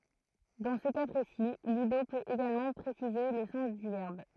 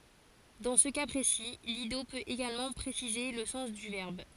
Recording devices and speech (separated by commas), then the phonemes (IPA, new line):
throat microphone, forehead accelerometer, read sentence
dɑ̃ sə ka pʁesi lido pøt eɡalmɑ̃ pʁesize lə sɑ̃s dy vɛʁb